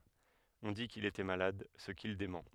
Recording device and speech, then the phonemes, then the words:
headset microphone, read sentence
ɔ̃ di kil etɛ malad sə kil demɑ̃
On dit qu'il était malade, ce qu'il dément.

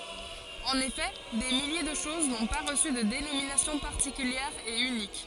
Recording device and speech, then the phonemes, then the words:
forehead accelerometer, read sentence
ɑ̃n efɛ de milje də ʃoz nɔ̃ pa ʁəsy də denominasjɔ̃ paʁtikyljɛʁ e ynik
En effet, des milliers de choses n'ont pas reçu de dénomination particulière et unique.

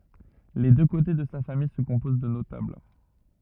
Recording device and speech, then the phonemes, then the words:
rigid in-ear microphone, read sentence
le dø kote də sa famij sə kɔ̃poz də notabl
Les deux côtés de sa famille se composent de notables.

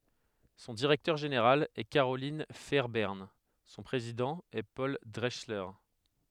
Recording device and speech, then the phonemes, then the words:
headset microphone, read sentence
sɔ̃ diʁɛktœʁ ʒeneʁal ɛ kaʁolɛ̃ fɛʁbɛʁn sɔ̃ pʁezidɑ̃ ɛ pɔl dʁɛksle
Son directeur général est Carolyn Fairbairn, son président est Paul Drechsler.

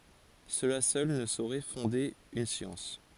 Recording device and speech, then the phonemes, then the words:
forehead accelerometer, read sentence
səla sœl nə soʁɛ fɔ̃de yn sjɑ̃s
Cela seul ne saurait fonder une science.

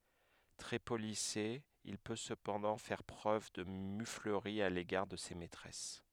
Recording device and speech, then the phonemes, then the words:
headset microphone, read sentence
tʁɛ polise il pø səpɑ̃dɑ̃ fɛʁ pʁøv də myfləʁi a leɡaʁ də se mɛtʁɛs
Très policé, il peut cependant faire preuve de muflerie à l’égard de ses maîtresses.

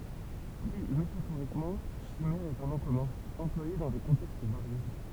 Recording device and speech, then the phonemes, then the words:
temple vibration pickup, read sentence
pʁi metafoʁikmɑ̃ ʃimɛʁ ɛt œ̃ nɔ̃ kɔmœ̃ ɑ̃plwaje dɑ̃ de kɔ̃tɛkst vaʁje
Pris métaphoriquement, chimère est un nom commun, employé dans des contextes variés.

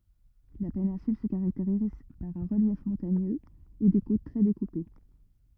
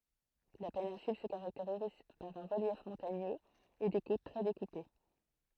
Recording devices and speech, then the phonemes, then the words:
rigid in-ear microphone, throat microphone, read sentence
la penɛ̃syl sə kaʁakteʁiz paʁ œ̃ ʁəljɛf mɔ̃taɲøz e de kot tʁɛ dekupe
La péninsule se caractérise par un relief montagneux et des côtes très découpées.

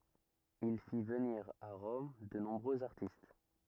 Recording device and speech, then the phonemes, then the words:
rigid in-ear microphone, read sentence
il fi vəniʁ a ʁɔm də nɔ̃bʁøz aʁtist
Il fit venir à Rome de nombreux artistes.

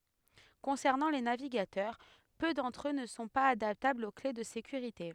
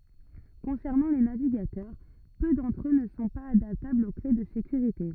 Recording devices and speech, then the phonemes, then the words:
headset microphone, rigid in-ear microphone, read sentence
kɔ̃sɛʁnɑ̃ le naviɡatœʁ pø dɑ̃tʁ ø nə sɔ̃ paz adaptablz o kle də sekyʁite
Concernant les navigateurs, peu d'entre eux ne sont pas adaptables aux clés de sécurité.

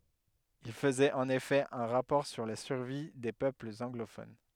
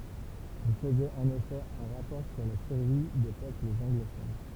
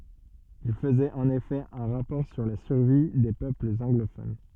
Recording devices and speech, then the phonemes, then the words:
headset microphone, temple vibration pickup, soft in-ear microphone, read sentence
il fəzɛt ɑ̃n efɛ œ̃ ʁapɔʁ syʁ la syʁvi de pøplz ɑ̃ɡlofon
Il faisait en effet un rapport sur la survie des peuples anglophones.

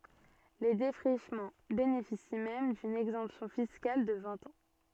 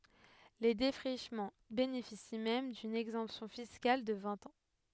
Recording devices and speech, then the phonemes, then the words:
soft in-ear microphone, headset microphone, read sentence
le defʁiʃmɑ̃ benefisi mɛm dyn ɛɡzɑ̃psjɔ̃ fiskal də vɛ̃t ɑ̃
Les défrichements bénéficient même d'une exemption fiscale de vingt ans.

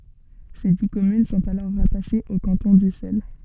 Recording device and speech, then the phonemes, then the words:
soft in-ear microphone, read sentence
se di kɔmyn sɔ̃t alɔʁ ʁataʃez o kɑ̃tɔ̃ dysɛl
Ses dix communes sont alors rattachées au canton d'Ussel.

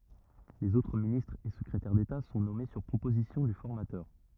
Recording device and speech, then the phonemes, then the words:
rigid in-ear microphone, read sentence
lez otʁ ministʁz e səkʁetɛʁ deta sɔ̃ nɔme syʁ pʁopozisjɔ̃ dy fɔʁmatœʁ
Les autres ministres et secrétaires d’État sont nommés sur proposition du formateur.

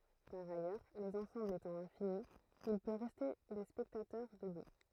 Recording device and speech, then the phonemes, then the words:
throat microphone, read sentence
paʁ ajœʁ lez ɑ̃sɑ̃blz etɑ̃ ɛ̃fini il pø ʁɛste de spɛktatœʁ dəbu
Par ailleurs, les ensembles étant infinis, il peut rester des spectateurs debout.

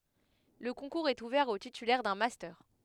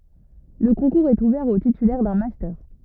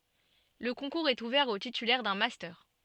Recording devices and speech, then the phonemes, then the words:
headset microphone, rigid in-ear microphone, soft in-ear microphone, read sentence
lə kɔ̃kuʁz ɛt uvɛʁ o titylɛʁ dœ̃ mastœʁ
Le concours est ouvert aux titulaires d'un master.

